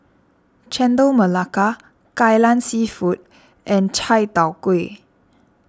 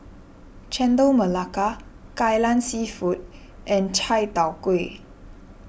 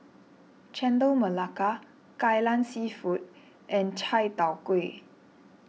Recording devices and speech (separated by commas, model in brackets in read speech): standing microphone (AKG C214), boundary microphone (BM630), mobile phone (iPhone 6), read sentence